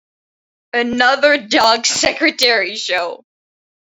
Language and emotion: English, sad